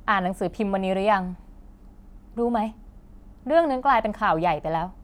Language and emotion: Thai, frustrated